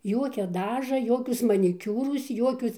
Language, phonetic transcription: Lithuanian, ˈjuokia ˈdaža ˈjokius maniˈkiūrus ˈjuokius

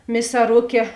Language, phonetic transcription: Lithuanian, misaˈrukė

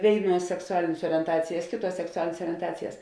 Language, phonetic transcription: Lithuanian, ˈvėiˌnuos seksuˈalinės orienˈtacijas ˈkėˌtuos seksuˈalinės orienˈtacijas

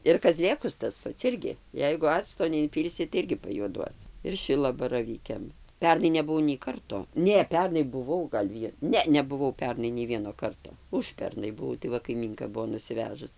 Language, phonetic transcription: Lithuanian, ir kaˈzlėkus tas ˈpats ˈirgi ˈjeigu ˈacto neinˈpylsi tai ˈirgi pajuoˈduos ir ˈšilabaravykiam ˈpernai nebuˈvau nei ˈkarto ˈne ˈpernai buˈvau gal' ˈvie ˈne nebuˈvau ˈpernai nei ˈvieno ˈkarto ˈužpernai buˈvau tai ˈva kaiˈmynka ˈbuo nusiˈvežus

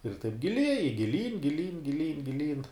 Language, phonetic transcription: Lithuanian, ir taip giˈlieji giˈlyn giˈlyn giˈlyn giˈlyn

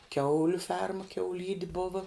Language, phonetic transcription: Lithuanian, ˈkiauliu ˈferma kiauˈlydi ˈbova

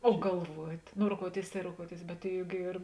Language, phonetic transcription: Lithuanian, o galˈvuot' no roˈkouoˌtėis tai roˈkouoˌtėis bet ˈjug ˈyr

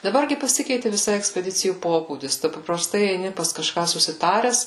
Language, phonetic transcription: Lithuanian, daˈbar gi paˈsikeiti viˈsai ekspeˈdicijų ˈpobūdis ˈtu papraˈstai eiˈni pas kaˈžką susiˈtares

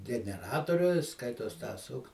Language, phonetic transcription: Lithuanian, geneˈratoriu ˈskaitos tą ˈsuk

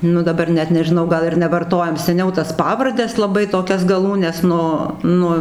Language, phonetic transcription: Lithuanian, ˈnu daˈbar ˈnet nežiˈnau ˈgal ir nevarˈtojam seˈniau tas ˈpavardes laˈbai toˈkias gaˈlūnes ˈnu ˈnu

